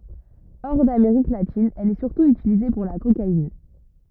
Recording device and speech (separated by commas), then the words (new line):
rigid in-ear microphone, read sentence
Hors d'Amérique latine, elle est surtout utilisée pour la cocaïne.